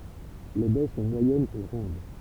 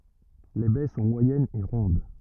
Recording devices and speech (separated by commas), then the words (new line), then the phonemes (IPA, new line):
temple vibration pickup, rigid in-ear microphone, read sentence
Les baies sont moyennes et rondes.
le bɛ sɔ̃ mwajɛnz e ʁɔ̃d